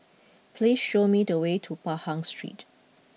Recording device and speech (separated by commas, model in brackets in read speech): mobile phone (iPhone 6), read sentence